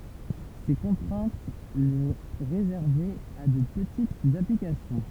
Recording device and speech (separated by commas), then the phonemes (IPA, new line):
temple vibration pickup, read sentence
se kɔ̃tʁɛ̃t lə ʁezɛʁvɛt a də pətitz aplikasjɔ̃